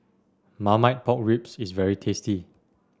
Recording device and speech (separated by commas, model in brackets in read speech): standing microphone (AKG C214), read sentence